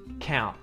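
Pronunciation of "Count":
In 'count', the t at the end, after the n, is muted.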